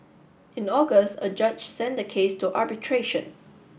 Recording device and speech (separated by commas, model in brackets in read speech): boundary microphone (BM630), read sentence